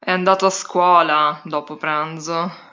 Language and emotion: Italian, disgusted